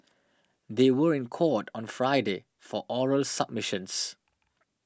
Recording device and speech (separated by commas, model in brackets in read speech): standing microphone (AKG C214), read sentence